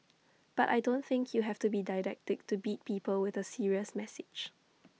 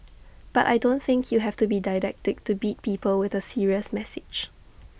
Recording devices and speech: mobile phone (iPhone 6), boundary microphone (BM630), read sentence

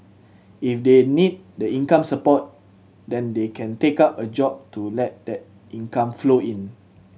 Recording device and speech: mobile phone (Samsung C7100), read sentence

